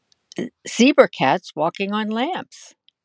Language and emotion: English, sad